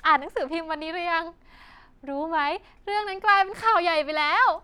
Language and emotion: Thai, happy